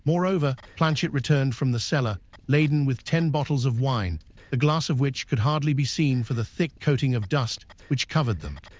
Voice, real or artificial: artificial